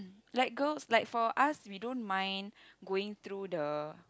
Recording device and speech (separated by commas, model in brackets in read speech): close-talking microphone, conversation in the same room